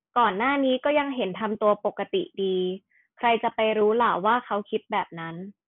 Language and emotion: Thai, neutral